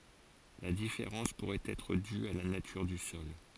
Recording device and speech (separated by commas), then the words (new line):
forehead accelerometer, read sentence
La différence pourrait être due à la nature du sol.